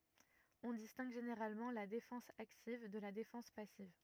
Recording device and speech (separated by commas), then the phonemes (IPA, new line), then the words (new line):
rigid in-ear microphone, read sentence
ɔ̃ distɛ̃ɡ ʒeneʁalmɑ̃ la defɑ̃s aktiv də la defɑ̃s pasiv
On distingue généralement la défense active de la défense passive.